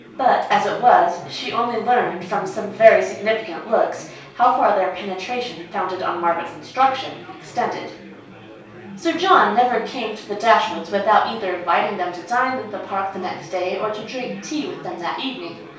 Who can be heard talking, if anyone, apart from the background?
One person.